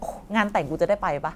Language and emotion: Thai, frustrated